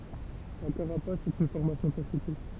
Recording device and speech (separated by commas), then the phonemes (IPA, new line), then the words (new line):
temple vibration pickup, read sentence
la kaʁapas ɛt yn fɔʁmasjɔ̃ taʃte
La carapace est une formation tachetée.